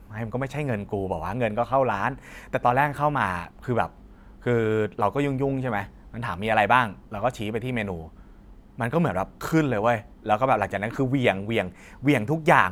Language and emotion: Thai, frustrated